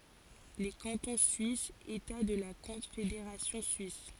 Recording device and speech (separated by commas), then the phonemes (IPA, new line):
forehead accelerometer, read sentence
le kɑ̃tɔ̃ syisz eta də la kɔ̃fedeʁasjɔ̃ syis